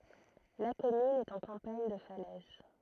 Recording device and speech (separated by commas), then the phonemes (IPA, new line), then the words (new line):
throat microphone, read sentence
la kɔmyn ɛt ɑ̃ kɑ̃paɲ də falɛz
La commune est en campagne de Falaise.